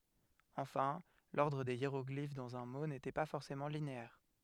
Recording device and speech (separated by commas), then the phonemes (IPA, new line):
headset microphone, read sentence
ɑ̃fɛ̃ lɔʁdʁ de jeʁɔɡlif dɑ̃z œ̃ mo netɛ pa fɔʁsemɑ̃ lineɛʁ